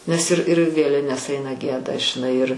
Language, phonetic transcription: Lithuanian, nes ir ir ˈvėlines ˈaina ˈgieda žiˈnai ir

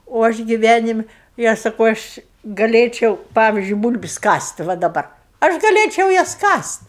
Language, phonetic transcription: Lithuanian, o ˈaš giˈvænimi i ˈaš saˈkau ˈaš gaˈlėčiau ˈpavizdžiui ˈbūl'bis' ˈkast' va daˈbar ˈaš gaˈlėčiau ˈjas kast'

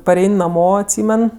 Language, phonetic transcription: Lithuanian, paˈrein' naˈmo atˈsymen

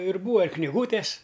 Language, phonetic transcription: Lithuanian, ir ˈbūa ir kniˈgūtes

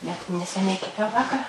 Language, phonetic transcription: Lithuanian, net neseˈniai keˈpiau ˈvakar

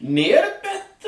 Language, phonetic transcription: Lithuanian, ˈnėr bet

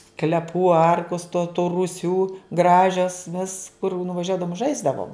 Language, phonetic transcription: Lithuanian, skleˈpų ˈarkus to tų ruˈsių ˈgražes vis kur nuvaˈžiuodavum ˈžaisdavom

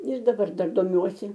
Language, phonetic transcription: Lithuanian, ir daˈbar ˈdar doˈmiuosi

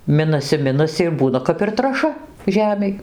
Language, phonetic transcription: Lithuanian, ˈminasi ˈminasi ir ˈbūna kap ir traˈša ˈžemei

